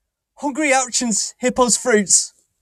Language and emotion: English, sad